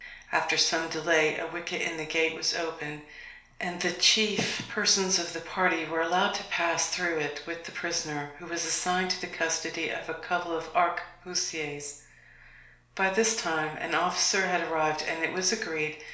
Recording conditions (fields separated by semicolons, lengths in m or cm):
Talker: one person; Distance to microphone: 1.0 m; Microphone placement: close; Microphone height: 1.1 m; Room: small (3.7 m by 2.7 m); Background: none